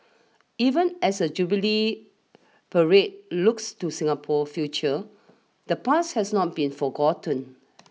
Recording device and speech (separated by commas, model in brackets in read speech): mobile phone (iPhone 6), read sentence